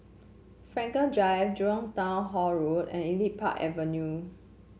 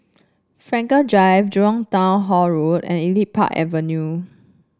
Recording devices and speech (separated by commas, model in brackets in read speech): mobile phone (Samsung C7), standing microphone (AKG C214), read sentence